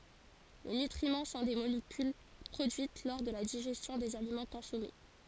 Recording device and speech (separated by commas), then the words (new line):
forehead accelerometer, read sentence
Les nutriments sont des molécules produites lors de la digestion des aliments consommés.